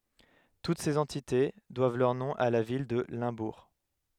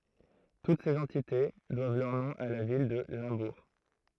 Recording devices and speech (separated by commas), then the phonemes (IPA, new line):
headset microphone, throat microphone, read sentence
tut sez ɑ̃tite dwav lœʁ nɔ̃ a la vil də lɛ̃buʁ